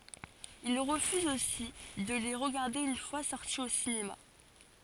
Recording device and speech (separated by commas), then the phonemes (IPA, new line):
forehead accelerometer, read sentence
il ʁəfyz osi də le ʁəɡaʁde yn fwa sɔʁti o sinema